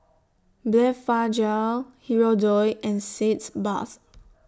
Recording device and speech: standing microphone (AKG C214), read sentence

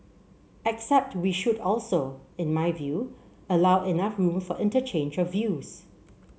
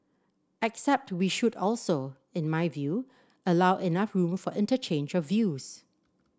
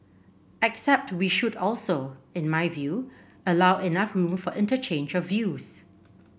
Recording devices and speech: mobile phone (Samsung C7), standing microphone (AKG C214), boundary microphone (BM630), read sentence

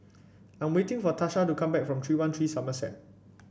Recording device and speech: boundary microphone (BM630), read sentence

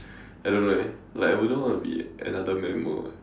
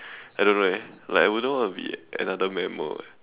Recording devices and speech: standing microphone, telephone, conversation in separate rooms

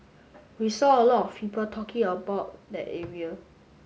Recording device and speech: mobile phone (Samsung S8), read sentence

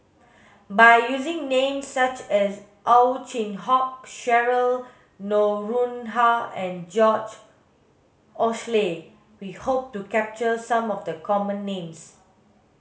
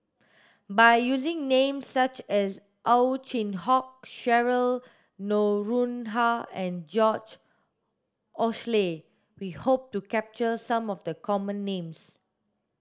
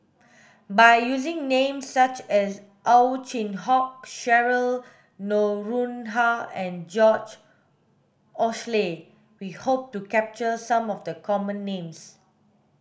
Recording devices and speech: mobile phone (Samsung S8), standing microphone (AKG C214), boundary microphone (BM630), read sentence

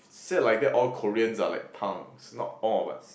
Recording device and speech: boundary microphone, conversation in the same room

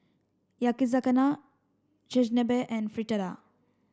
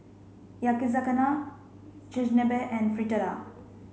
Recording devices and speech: standing microphone (AKG C214), mobile phone (Samsung C5), read sentence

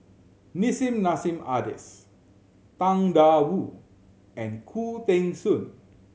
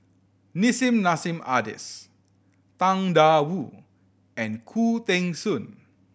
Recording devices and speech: mobile phone (Samsung C7100), boundary microphone (BM630), read sentence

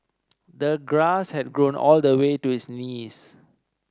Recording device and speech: standing microphone (AKG C214), read sentence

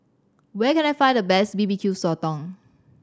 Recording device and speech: standing microphone (AKG C214), read sentence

